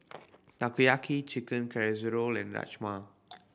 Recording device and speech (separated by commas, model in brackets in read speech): boundary microphone (BM630), read sentence